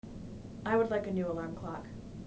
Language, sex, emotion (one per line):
English
female
neutral